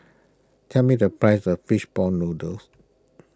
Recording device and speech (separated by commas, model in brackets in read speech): close-talking microphone (WH20), read sentence